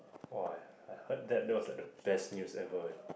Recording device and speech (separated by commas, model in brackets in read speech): boundary microphone, conversation in the same room